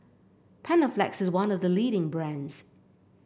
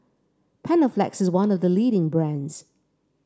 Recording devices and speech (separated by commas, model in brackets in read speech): boundary microphone (BM630), standing microphone (AKG C214), read sentence